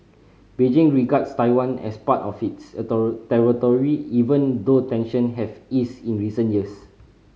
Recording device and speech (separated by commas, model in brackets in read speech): mobile phone (Samsung C5010), read sentence